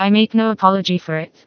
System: TTS, vocoder